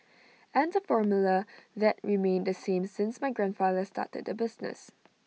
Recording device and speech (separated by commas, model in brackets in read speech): mobile phone (iPhone 6), read sentence